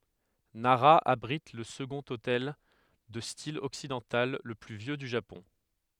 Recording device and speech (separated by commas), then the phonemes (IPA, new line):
headset microphone, read sentence
naʁa abʁit lə səɡɔ̃t otɛl də stil ɔksidɑ̃tal lə ply vjø dy ʒapɔ̃